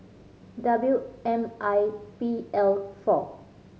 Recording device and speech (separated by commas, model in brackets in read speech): mobile phone (Samsung C5010), read sentence